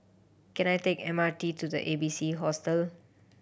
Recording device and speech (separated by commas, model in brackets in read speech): boundary microphone (BM630), read sentence